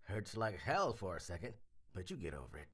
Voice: tiny little voice